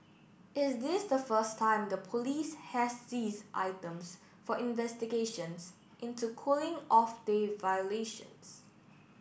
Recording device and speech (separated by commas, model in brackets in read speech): boundary microphone (BM630), read sentence